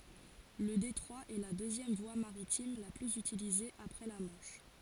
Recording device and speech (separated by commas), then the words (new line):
forehead accelerometer, read sentence
Le détroit est la deuxième voie maritime la plus utilisée après la Manche.